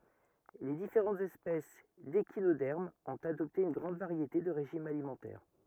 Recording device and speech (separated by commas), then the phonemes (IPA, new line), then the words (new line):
rigid in-ear microphone, read sentence
le difeʁɑ̃tz ɛspɛs deʃinodɛʁmz ɔ̃t adɔpte yn ɡʁɑ̃d vaʁjete də ʁeʒimz alimɑ̃tɛʁ
Les différentes espèces d'échinodermes ont adopté une grande variété de régimes alimentaires.